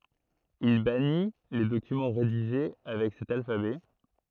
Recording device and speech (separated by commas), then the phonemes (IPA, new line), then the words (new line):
throat microphone, read sentence
il bani le dokymɑ̃ ʁediʒe avɛk sɛt alfabɛ
Il bannit les documents rédigés avec cet alphabet.